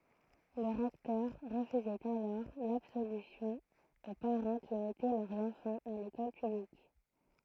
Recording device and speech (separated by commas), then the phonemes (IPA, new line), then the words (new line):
throat microphone, read sentence
lə ʁɛktœʁ ʁəfyzɛt alɔʁ labsolysjɔ̃ o paʁɑ̃ ki mɛtɛ lœʁz ɑ̃fɑ̃z a lekɔl pyblik
Le recteur refusait alors l'absolution aux parents qui mettaient leurs enfants à l'école publique.